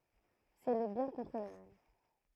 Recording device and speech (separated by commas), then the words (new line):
throat microphone, read sentence
C'est le bien contre le mal.